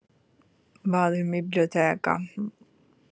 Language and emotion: Italian, sad